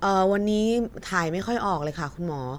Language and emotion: Thai, frustrated